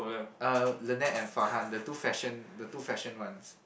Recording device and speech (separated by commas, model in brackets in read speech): boundary microphone, conversation in the same room